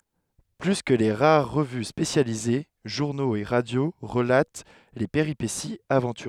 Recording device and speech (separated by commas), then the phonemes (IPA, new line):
headset microphone, read sentence
ply kə le ʁaʁ ʁəvy spesjalize ʒuʁnoz e ʁadjo ʁəlat le peʁipesiz avɑ̃tyʁøz